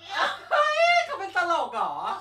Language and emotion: Thai, happy